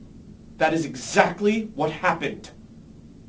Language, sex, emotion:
English, male, angry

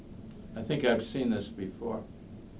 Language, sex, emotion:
English, male, neutral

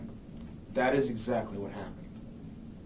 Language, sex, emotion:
English, male, neutral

